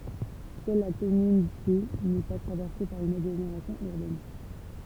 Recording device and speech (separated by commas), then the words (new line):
temple vibration pickup, read sentence
Seule la commune D n’est pas traversée par une agglomération urbaine.